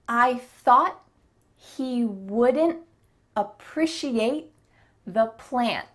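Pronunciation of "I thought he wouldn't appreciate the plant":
Each T at or near the end of 'thought', 'wouldn't', 'appreciate' and 'plant' is a stopped T.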